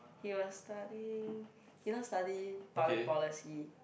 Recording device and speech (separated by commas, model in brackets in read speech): boundary microphone, conversation in the same room